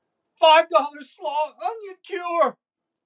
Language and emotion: English, fearful